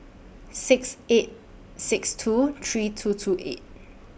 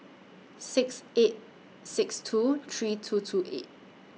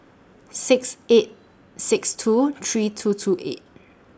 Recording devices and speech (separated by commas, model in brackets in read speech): boundary microphone (BM630), mobile phone (iPhone 6), standing microphone (AKG C214), read sentence